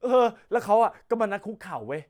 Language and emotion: Thai, happy